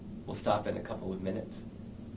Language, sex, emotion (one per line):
English
male
neutral